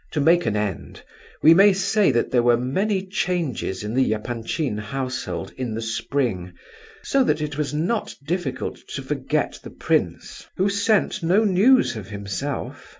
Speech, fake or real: real